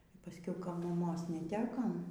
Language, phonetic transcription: Lithuanian, y paˈskiau ˈka maˈmos neˈtekam

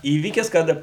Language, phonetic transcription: Lithuanian, ˈįvykis ˈkad

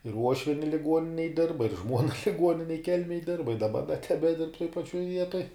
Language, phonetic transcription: Lithuanian, ir ˈuošvieni liˈguoninėj ˈdirba ir ˈžmuona liˈguoninej ˈkelmėj ˈdirba i daˈba da tebeˈdirb toj paˈčiuoj ˈvietoj

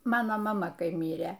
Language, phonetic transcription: Lithuanian, ˈmano maˈma ˈkai ˈmyrė

